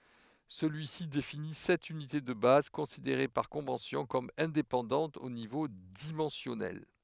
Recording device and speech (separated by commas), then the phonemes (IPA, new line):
headset microphone, read sentence
səlyisi defini sɛt ynite də baz kɔ̃sideʁe paʁ kɔ̃vɑ̃sjɔ̃ kɔm ɛ̃depɑ̃dɑ̃tz o nivo dimɑ̃sjɔnɛl